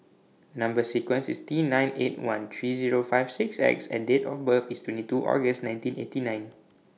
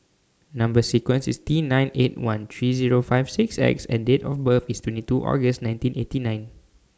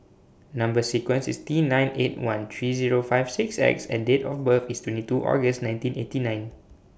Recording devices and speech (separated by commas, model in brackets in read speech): mobile phone (iPhone 6), standing microphone (AKG C214), boundary microphone (BM630), read sentence